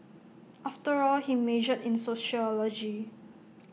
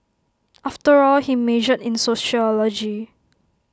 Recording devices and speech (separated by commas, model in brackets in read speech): mobile phone (iPhone 6), close-talking microphone (WH20), read sentence